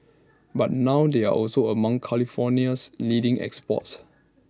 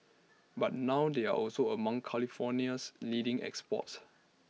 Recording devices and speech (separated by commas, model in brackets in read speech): standing microphone (AKG C214), mobile phone (iPhone 6), read sentence